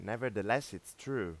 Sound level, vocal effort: 90 dB SPL, normal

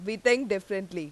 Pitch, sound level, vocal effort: 205 Hz, 92 dB SPL, very loud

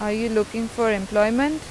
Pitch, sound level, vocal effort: 225 Hz, 87 dB SPL, normal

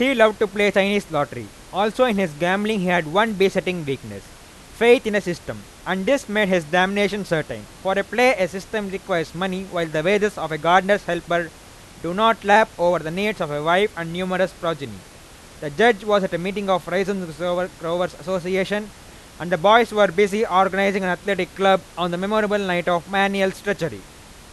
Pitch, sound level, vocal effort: 190 Hz, 97 dB SPL, very loud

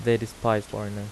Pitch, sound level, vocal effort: 110 Hz, 84 dB SPL, soft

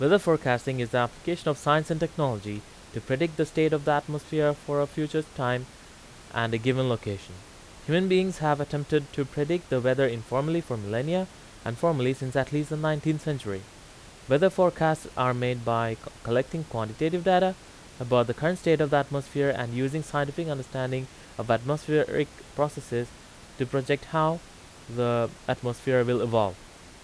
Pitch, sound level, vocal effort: 140 Hz, 88 dB SPL, loud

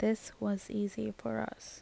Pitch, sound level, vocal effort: 205 Hz, 75 dB SPL, soft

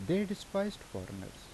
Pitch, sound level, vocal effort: 190 Hz, 82 dB SPL, normal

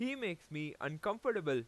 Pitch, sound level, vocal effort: 155 Hz, 94 dB SPL, very loud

